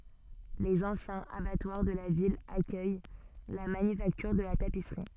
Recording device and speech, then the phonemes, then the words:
soft in-ear microphone, read sentence
lez ɑ̃sjɛ̃z abatwaʁ də la vil akœj la manyfaktyʁ də la tapisʁi
Les anciens abattoirs de la ville accueillent la manufacture de la tapisserie.

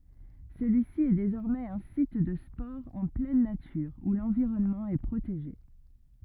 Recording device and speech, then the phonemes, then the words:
rigid in-ear microphone, read sentence
səlyisi ɛ dezɔʁmɛz œ̃ sit də spɔʁz ɑ̃ plɛn natyʁ u lɑ̃viʁɔnmɑ̃ ɛ pʁoteʒe
Celui-ci est désormais un site de sports en pleine nature où l'environnement est protégé.

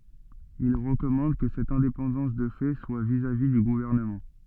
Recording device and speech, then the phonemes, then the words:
soft in-ear microphone, read sentence
il ʁəkɔmɑ̃d kə sɛt ɛ̃depɑ̃dɑ̃s də fɛ swa vizavi dy ɡuvɛʁnəmɑ̃
Il recommande que cette indépendance de fait soit vis-à-vis du gouvernement.

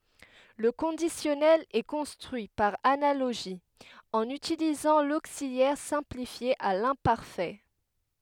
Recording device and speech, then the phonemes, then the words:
headset microphone, read sentence
lə kɔ̃disjɔnɛl ɛ kɔ̃stʁyi paʁ analoʒi ɑ̃n ytilizɑ̃ loksiljɛʁ sɛ̃plifje a lɛ̃paʁfɛ
Le conditionnel est construit par analogie, en utilisant l'auxiliaire simplifié à l'imparfait.

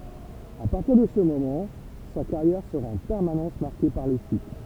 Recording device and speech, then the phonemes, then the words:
temple vibration pickup, read sentence
a paʁtiʁ də sə momɑ̃ sa kaʁjɛʁ səʁa ɑ̃ pɛʁmanɑ̃s maʁke paʁ le ʃyt
À partir de ce moment, sa carrière sera en permanence marquée par les chutes.

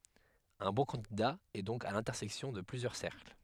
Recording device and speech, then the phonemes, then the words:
headset microphone, read sentence
œ̃ bɔ̃ kɑ̃dida ɛ dɔ̃k a lɛ̃tɛʁsɛksjɔ̃ də plyzjœʁ sɛʁkl
Un bon candidat est donc à l'intersection de plusieurs cercles.

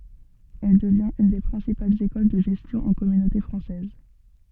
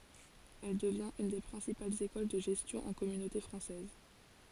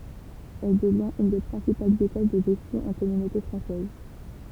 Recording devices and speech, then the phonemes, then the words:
soft in-ear microphone, forehead accelerometer, temple vibration pickup, read sentence
ɛl dəvjɛ̃t yn de pʁɛ̃sipalz ekɔl də ʒɛstjɔ̃ ɑ̃ kɔmynote fʁɑ̃sɛz
Elle devient une des principales école de gestion en Communauté française.

